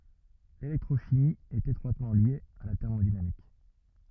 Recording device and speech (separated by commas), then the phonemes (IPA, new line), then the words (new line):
rigid in-ear microphone, read sentence
lelɛktʁoʃimi ɛt etʁwatmɑ̃ lje a la tɛʁmodinamik
L'électrochimie est étroitement liée à la thermodynamique.